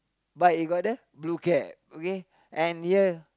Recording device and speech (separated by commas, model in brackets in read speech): close-talking microphone, conversation in the same room